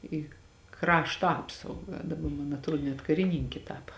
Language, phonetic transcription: Lithuanian, į ˈkrašto ˈapsauga daˈba man atˈruo net kariˈnynki ˈtapa

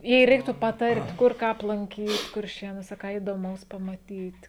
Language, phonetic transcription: Lithuanian, jei ˈreiktų paˈtart' ˈkur ˈką aplanˈkyt kurˈšėnuose ˈką įdoˈmaus pamaˈtyt

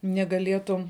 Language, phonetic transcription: Lithuanian, negaˈlietum

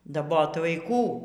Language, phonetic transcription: Lithuanian, daˈbot vaiˈkų

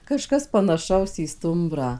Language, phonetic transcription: Lithuanian, kaˈžkas panaˈšaus į ˈstumbrą

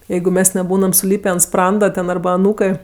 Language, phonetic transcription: Lithuanian, ˈjeigu ˈmes neˈbūnam suˈlypė ant ˈspranda ten ˈarba aˈnūkɜ

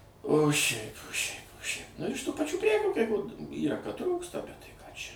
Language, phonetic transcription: Lithuanian, o ˈšiaip o šiaip o šiaip nu iš tų paˈčių ˈprekių kai ko ˈyra kad ˈtrūksta ˈbet tai ˈką ˈčia

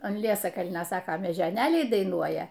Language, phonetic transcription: Lithuanian, an ˈliesakalnio ˈsako mežioˈnėliai daiˈnuoja

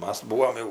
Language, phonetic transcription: Lithuanian, ˈmas ˈbūvom jau

